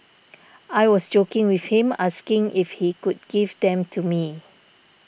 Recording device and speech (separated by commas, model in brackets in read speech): boundary microphone (BM630), read sentence